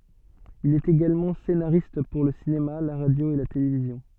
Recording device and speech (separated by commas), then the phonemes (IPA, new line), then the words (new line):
soft in-ear microphone, read sentence
il ɛt eɡalmɑ̃ senaʁist puʁ lə sinema la ʁadjo e la televizjɔ̃
Il est également scénariste pour le cinéma, la radio et la télévision.